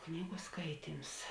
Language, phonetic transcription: Lithuanian, ˈknygu ˈskaityms

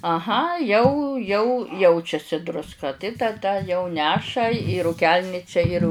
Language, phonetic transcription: Lithuanian, aˈha jau jau ˈjaučiasi drusˈka tai taˈda jau ˈneša į rūˈkelničia ir

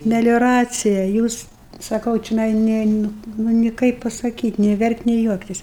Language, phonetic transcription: Lithuanian, melioˈracija ˈjūs saˈkau čioˈnai ˈne ˈnu ˈnu ni ˈkaip pasaˈkyt' nė ˈverkt' nė ˈjuoktis

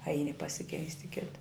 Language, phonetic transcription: Lithuanian, ˈaini pasiˈkeist' i ˈkita

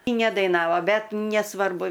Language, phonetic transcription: Lithuanian, ˈi nedaiˈnavo ˈbet nesˈvarbu

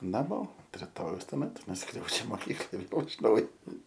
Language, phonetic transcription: Lithuanian, naˈmo unt riˈtojaus tuoˈmet nuˈskriaudžia moˈkyklaj ˈvėl iš ˈnaujo

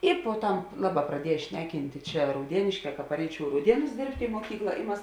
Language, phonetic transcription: Lithuanian, ˈi poˈtam ˈlaˌbā praˈdiej ˈšneˌkintė ˈčia rauˈdienėškē ka paˈreičiau i rauˈdienus ˈdėrbtė i muoˈkykla i ˈmas

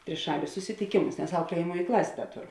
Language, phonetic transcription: Lithuanian, triˈšalius susitiˈkėmus nes ˈaukliejamuoj ˈklasė ˈda ˈtoˌru

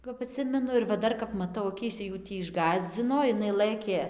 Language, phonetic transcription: Lithuanian, kap aˈtsimenu ir va ˈdar kap maˈtau aˈkyse jų ˈtį išˈgąsdzino iˈnai ˈlɘkė

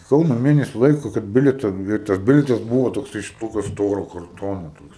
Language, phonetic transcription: Lithuanian, i ˈkauna ˈmėnesiu ˈlaiku kad ˈbilieta i tas ˈbilietas ˈbuvo tokˈsai iš ˈtokiu ˈstoro karˈtono ˈtoks

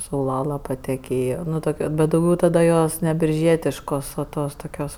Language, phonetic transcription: Lithuanian, sauˈlala pateˈkėjo ˈnu ˈtok' bet dauˈgiau tada ˈjos ne birˈžietiškos o ˈtos toˈkios

